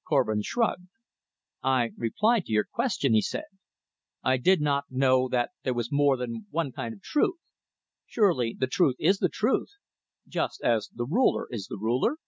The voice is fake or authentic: authentic